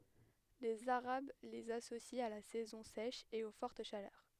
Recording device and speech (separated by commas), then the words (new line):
headset microphone, read sentence
Les Arabes les associent à la saison sèche et aux fortes chaleurs.